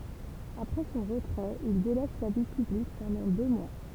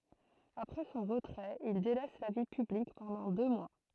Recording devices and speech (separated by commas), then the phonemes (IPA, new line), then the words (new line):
temple vibration pickup, throat microphone, read sentence
apʁɛ sɔ̃ ʁətʁɛt il delɛs la vi pyblik pɑ̃dɑ̃ dø mwa
Après son retrait, il délaisse la vie publique pendant deux mois.